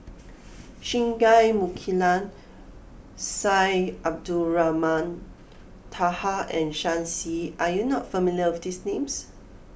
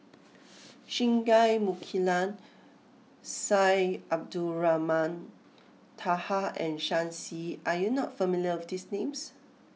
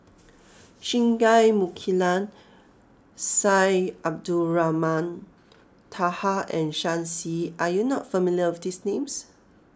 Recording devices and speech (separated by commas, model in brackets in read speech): boundary microphone (BM630), mobile phone (iPhone 6), close-talking microphone (WH20), read sentence